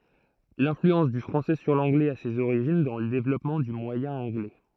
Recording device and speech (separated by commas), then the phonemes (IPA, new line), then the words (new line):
throat microphone, read sentence
lɛ̃flyɑ̃s dy fʁɑ̃sɛ syʁ lɑ̃ɡlɛz a sez oʁiʒin dɑ̃ lə devlɔpmɑ̃ dy mwajɛ̃ ɑ̃ɡlɛ
L'influence du français sur l'anglais a ses origines dans le développement du moyen anglais.